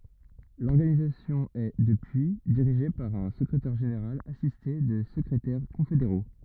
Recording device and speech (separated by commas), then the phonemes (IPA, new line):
rigid in-ear microphone, read sentence
lɔʁɡanizasjɔ̃ ɛ dəpyi diʁiʒe paʁ œ̃ səkʁetɛʁ ʒeneʁal asiste də səkʁetɛʁ kɔ̃fedeʁo